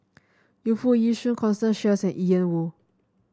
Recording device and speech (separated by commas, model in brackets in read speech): standing microphone (AKG C214), read sentence